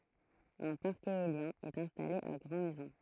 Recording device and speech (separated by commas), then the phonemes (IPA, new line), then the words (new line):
throat microphone, read sentence
œ̃ paʁk eoljɛ̃ ɛt ɛ̃stale a ɡʁɑ̃ mɛzɔ̃
Un parc éolien est installé à Grand Maison.